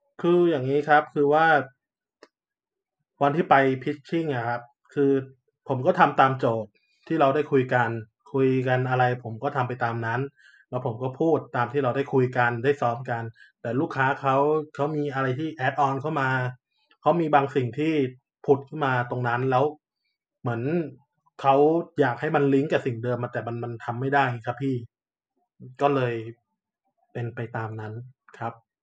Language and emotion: Thai, frustrated